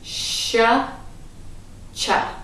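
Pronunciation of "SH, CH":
Both sounds are said on their own: the sh sound is longer, and the ch sound is faster.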